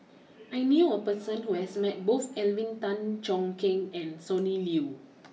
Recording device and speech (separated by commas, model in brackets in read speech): mobile phone (iPhone 6), read sentence